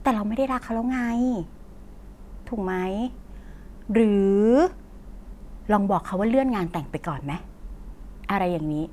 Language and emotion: Thai, frustrated